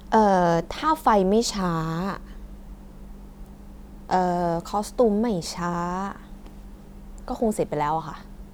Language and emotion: Thai, frustrated